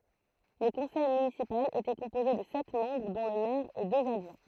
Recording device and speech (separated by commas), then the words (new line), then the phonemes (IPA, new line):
throat microphone, read sentence
Le conseil municipal était composé de sept membres dont le maire et deux adjoints.
lə kɔ̃sɛj mynisipal etɛ kɔ̃poze də sɛt mɑ̃bʁ dɔ̃ lə mɛʁ e døz adʒwɛ̃